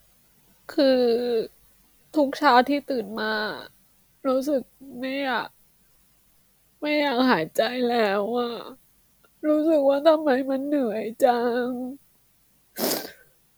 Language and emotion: Thai, sad